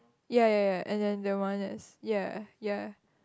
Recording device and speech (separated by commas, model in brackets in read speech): close-talking microphone, conversation in the same room